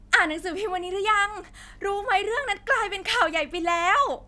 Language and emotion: Thai, happy